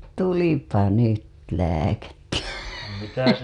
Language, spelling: Finnish, tulipa nyt lääkettä
- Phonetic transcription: tulipa 'nyt , 'lääkettä .

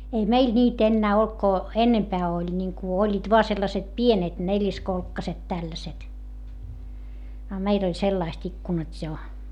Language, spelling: Finnish, ei meillä niitä enää ollut kun enempää oli niin kuin olivat vain sellaiset pienet neliskolkkaiset tällaiset a meillä oli sellaiset ikkunat jo
- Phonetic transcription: ei meil ńiit ‿ennää olt ko , ennempää oĺ ńiŋku oĺĺiit voa sellaset pienet neĺiskolkkaset tälläset , a meil ‿oĺ sellaist ikkunat́ jo .

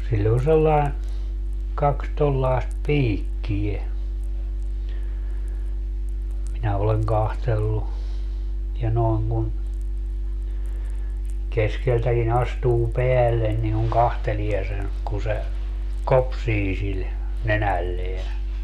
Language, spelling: Finnish, sillä on sellainen kaksi tuollaista piikkiä minä olen katsellut ja noin kun keskeltäkin astuu päälle niin kun katselee sen kun se kopsii sillä nenällään
- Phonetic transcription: 'siĺĺ ‿on sellaen , 'kaks 'tollaest "piikki₍e , minä oleŋ 'kahtellu , ja 'noeŋ kun , 'keskeltäki'n ‿astuu "peällen niŋ kuŋ "kahtelie sen , ku se , "kopsii sil , 'nenälleä .

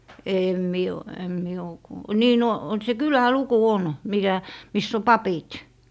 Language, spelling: Finnish, en minä ole en minä ole - niin no se kyläluku on mikä missä on papit
- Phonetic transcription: èm 'mie o , em mie o kuu - 'nii no , se "kylä"luku 'on , 'mikä , miss ‿o "papit .

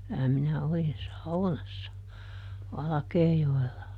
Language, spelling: Finnish, kyllä minä olin saunassa Valkeajoella
- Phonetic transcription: kylä minä ˈolin "saunassa , ˈValᵃkeejoella .

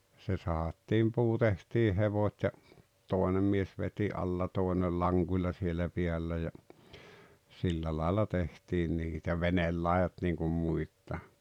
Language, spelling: Finnish, se sahattiin puu tehtiin hevot ja toinen mies veti alla toisella lankuilla siellä päällä ja sillä lailla tehtiin niitä veneenlaidat niin kuin muitakin
- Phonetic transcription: se sahattiim 'puu tehtii 'hevot́ ja , 'tòenem mies veti '’alla 'tòenel 'laŋGuilla siellä 'piällä ja , 'sillä làella 'tehtiin 'niitä "venellàejat niiŋkum muittà .

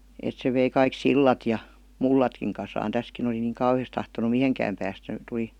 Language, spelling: Finnish, että se vei kaikki sillat ja mullatkin kasaan tässäkin oli niin kauheasti tahtonut mihinkään päästä - tuli
- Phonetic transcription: 'et se vei 'kaik "sillat ja , "mullatkiŋ kasaan "täskin ‿oli niiŋ "kauhi₍as tahtonu "miheŋkääm päästä (- -) tuˡi , .

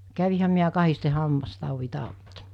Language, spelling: Finnish, kävinhän minä kahdesti hammastaudin tautta
- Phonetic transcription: 'kävihäm miä 'kahiste 'hammastàuvi 'tàutta .

